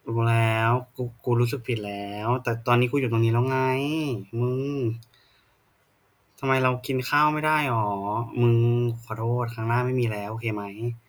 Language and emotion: Thai, frustrated